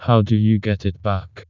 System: TTS, vocoder